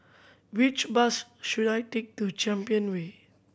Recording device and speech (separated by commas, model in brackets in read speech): boundary microphone (BM630), read sentence